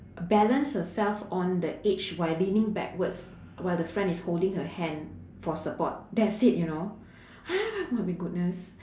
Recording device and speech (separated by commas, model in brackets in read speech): standing microphone, conversation in separate rooms